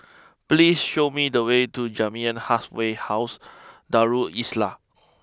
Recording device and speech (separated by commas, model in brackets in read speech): close-talking microphone (WH20), read sentence